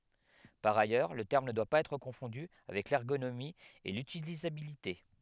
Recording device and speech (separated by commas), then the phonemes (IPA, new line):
headset microphone, read sentence
paʁ ajœʁ lə tɛʁm nə dwa paz ɛtʁ kɔ̃fɔ̃dy avɛk lɛʁɡonomi e lytilizabilite